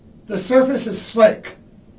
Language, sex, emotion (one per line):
English
male
neutral